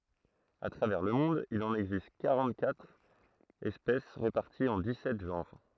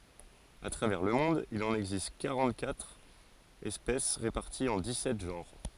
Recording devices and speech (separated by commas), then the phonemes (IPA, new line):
throat microphone, forehead accelerometer, read sentence
a tʁavɛʁ lə mɔ̃d il ɑ̃n ɛɡzist kaʁɑ̃təkatʁ ɛspɛs ʁepaʁtiz ɑ̃ dikssɛt ʒɑ̃ʁ